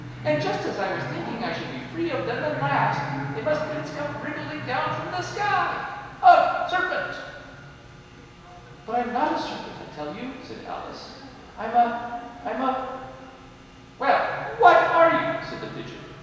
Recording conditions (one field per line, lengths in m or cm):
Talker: one person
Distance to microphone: 1.7 m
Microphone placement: close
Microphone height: 1.0 m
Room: very reverberant, large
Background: television